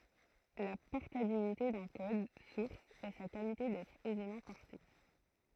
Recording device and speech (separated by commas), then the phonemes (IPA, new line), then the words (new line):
throat microphone, read sentence
la pɔʁtabilite dœ̃ kɔd suʁs ɛ sa kalite dɛtʁ ɛzemɑ̃ pɔʁte
La portabilité d'un code source est sa qualité d'être aisément porté.